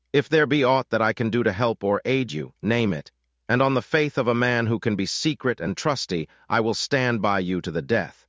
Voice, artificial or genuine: artificial